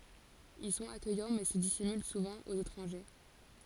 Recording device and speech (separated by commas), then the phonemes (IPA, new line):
forehead accelerometer, read sentence
il sɔ̃t akœjɑ̃ mɛ sə disimyl suvɑ̃ oz etʁɑ̃ʒe